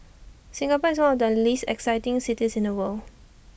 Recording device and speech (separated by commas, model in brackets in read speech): boundary microphone (BM630), read sentence